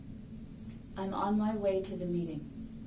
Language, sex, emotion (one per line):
English
female
neutral